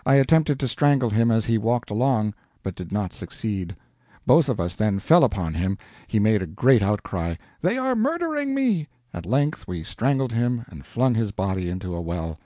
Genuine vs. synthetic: genuine